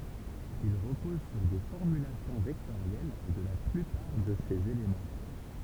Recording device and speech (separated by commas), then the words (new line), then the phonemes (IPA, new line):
temple vibration pickup, read sentence
Il repose sur des formulations vectorielles de la plupart de ses éléments.
il ʁəpɔz syʁ de fɔʁmylasjɔ̃ vɛktoʁjɛl də la plypaʁ də sez elemɑ̃